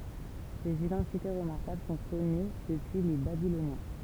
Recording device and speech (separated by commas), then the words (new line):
temple vibration pickup, read sentence
Ces identités remarquables sont connues depuis les Babyloniens.